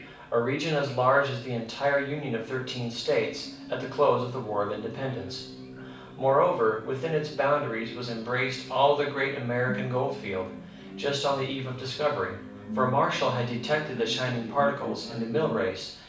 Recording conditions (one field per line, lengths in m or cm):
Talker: one person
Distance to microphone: 5.8 m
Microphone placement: far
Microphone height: 1.8 m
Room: medium-sized (5.7 m by 4.0 m)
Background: television